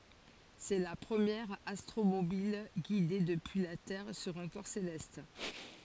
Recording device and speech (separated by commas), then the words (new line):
forehead accelerometer, read sentence
C'est la première astromobile guidée depuis la Terre sur un corps céleste.